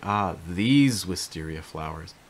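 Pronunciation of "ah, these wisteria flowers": The stress is on 'these' in 'ah, these wisteria flowers'.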